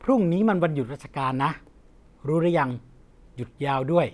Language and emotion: Thai, neutral